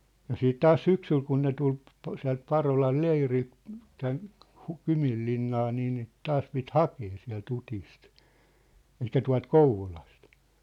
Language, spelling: Finnish, ja sitten taas syksyllä kun ne tuli - sieltä Parolan leiriltä tänne - Kyminlinnaan niin niitä taas piti hakea sieltä Utista eli tuolta Kouvolasta
- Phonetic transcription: ja 'siit "taas "syksyl kun ne 'tul ‿p- , 'siä̭lt 'Parolal "leirilt , 'tän , Hu- "Kymillinnaa nii niit 'taas pit "hakee siä̭l't ‿ᴜutist , 'elik̆kä "tua̭lt "Kouvolast .

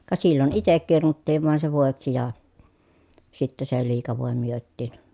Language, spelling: Finnish, ka silloin itse kirnuttiin vain se voiksi ja sitten se liika voi myytiin
- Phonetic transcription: ka sillon itek kirnuttiiv vàen se vòeksi ja , sitte se liika vòe myöttiin .

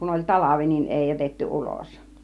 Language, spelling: Finnish, kun oli talvi niin ei jätetty ulos
- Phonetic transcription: kun oĺ "talavi nin 'èi jätetty "ulos .

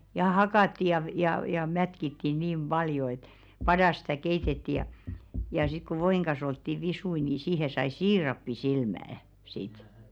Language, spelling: Finnish, ja hakattiin ja - ja ja ja mätkittiin niin paljon että padassa sitä keitettiin ja ja sitten kun voin kanssa oltiin visuja niin siihen sai siirappisilmän sitten
- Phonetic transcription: ja 'hakàtti ja v- jà jà jà 'mätkitti niim "ʙaljo et , 'padas stä̀ 'keitetti jà , ja sik ku 'voiŋ ka̰a̰s ‿oltti 'visui ni 'siihe sai "siirappi'silmä₍ᵃ̈ , sit .

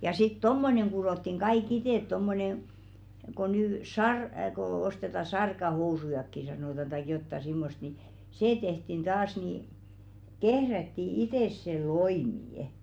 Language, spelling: Finnish, ja sitten tuommoinen kudottiin kaikki itse tuommoinen kun nyt - kun ostetaan sarkahousujakin sanotaan tai jotakin semmoista niin se tehtiin taas niin kehrättiin itse se loimikin
- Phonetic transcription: ja sit "tommoneŋ ku-ròttiŋ 'ɢaik "itèt tommonen̬ , ko nyy "sar- , ko 'osteta "sarkahousujakki sanòtan taik jotta 'simmost ni , "see tehtin 'ᴅaas ni , 'kehrätti "itès se "loimì₍ᵊ .

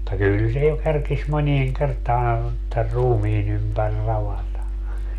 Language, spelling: Finnish, mutta kyllä se jo kerkisi moneen kertaa tämän ruumiin ympäri ravata
- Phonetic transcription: [mut]ta 'kyl se jo 'kerkis 'monieŋ 'kertaa , tär 'ruumiin ‿ympär 'ravata .

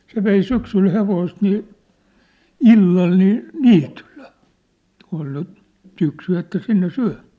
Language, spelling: Finnish, se vei syksyllä hevosta niin illalla niin niityllä kun oli nyt syksy että sinne syömään
- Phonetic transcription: 'se vei 'syksyl 'hevoist nii , "illal nii , "niitylʟᴇ , kun ‿ol ny , 'syksy että 'sinne 'syä̭ᴍᴀ̈ᴀ̈ .

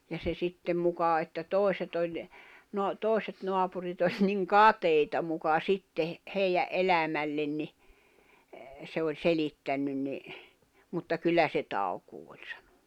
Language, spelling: Finnish, ja se sitten muka että toiset oli - toiset naapurit oli niin kateita muka sitten heidän elämälle niin se oli selittänyt niin mutta kyllä se taukoaa oli sanonut
- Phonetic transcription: ja se 'sittem mukà että 'tòi̬set ‿oĺ , no- , 'tòi̬set 'noapurit ‿oĺ niŋ "katèita muka 'sitte , 'hèijä’ '’elämällen ni , se oĺ 'selittännyn ni , mutta 'kyllä se 'taukuu ᴏĹ sᴀɴᴏɴᴜ .

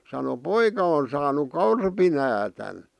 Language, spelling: Finnish, sanoi poika on saanut korpinäädän
- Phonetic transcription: sano » "poika on saanuk "korpinäätän « .

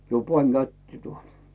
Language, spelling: Finnish, jo panin käteen tuota
- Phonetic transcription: jo 'pań "kättⁱe tuotᴀ .

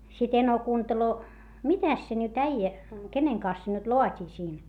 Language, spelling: Finnish, sitten eno kuuntelee mitäs se nyt äijä kenen kanssa se nyt laatii siinä
- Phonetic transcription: sit eno kuunteloo , mitäs se nyt äijä , keneŋ kans se nyt loat́ii siin ?

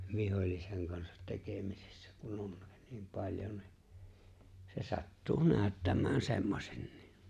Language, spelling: Finnish, vihollisen kanssa tekemisissä kun on niin paljon niin se sattuu näyttämään semmoisenkin
- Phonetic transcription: 'vihoĺliseŋ kansat 'tekemisɪssᴀ̈ , kun (on) niim 'paĺjon ni , se 'sattuu 'nääᵒ̈ttäm̀ään 'semmosennɪɪ .

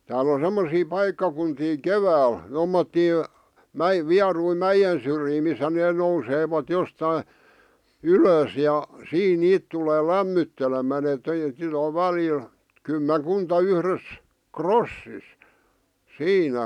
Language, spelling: Finnish, täällä on semmoisia paikkakuntia keväällä tuommoisia - vieruja mäen syrjiä missä ne nousevat jostakin ylös ja siinä niitä tulee lämmittelemään että - välillä kymmenkunta yhdessä rossissa siinä
- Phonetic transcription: 'tääl ‿on̬ 'semmosii 'paikkakuntii "kevääl , 'tommottii , "mä- , 'viarui "mäjen̬ syrjii missä nee nousevat 'jostai , "ylös ja , 'siin 'niit tulee "lämmyttelemää et (- -) 'väliil , 'kymmeŋ'kunta 'yhres , "krossis , "siinä .

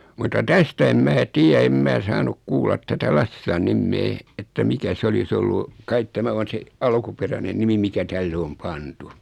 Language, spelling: Finnish, mutta tästä en minä tiedä en minä saanut kuulla tätä Lassilan nimeä että mikä se olisi ollut kai tämä on se alkuperäinen nimi mikä tälle on pantu
- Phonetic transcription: mutta 'tästä em 'mää "tiä em mää 'saanuk 'kuullat tätä 'Lassilan 'nimmee , että 'mikä 'se oli's ‿ollu , kait 'tämä on̬ 'se , 'alkuperäne 'nimi mikä 'tälle om 'pantu .

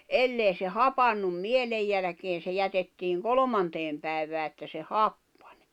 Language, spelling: Finnish, jos ei se hapantunut mielen jälkeen se jätettiin kolmanteen päivään että se happani
- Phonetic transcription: ellei se "hapannum 'mielej jälᵃ̈keen̬ se jätettiiŋ "kolᵒmanteem pä̀ivää että se "happᴀǸ .

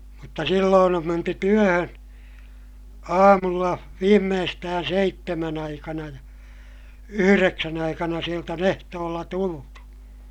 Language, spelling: Finnish, mutta silloin on menty työhön aamulla viimeistään seitsemän aikana ja yhdeksän aikana sieltä on ehtoolla tultu
- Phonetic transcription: mutta silloon ‿om menty työhön , aamulla , viimmeestään seittemän ‿aikana ja , yhyreksän ‿aikana sielt ‿on ehtoolla tultu .

